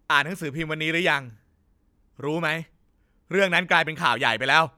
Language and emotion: Thai, frustrated